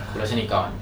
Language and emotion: Thai, neutral